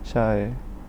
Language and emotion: Thai, frustrated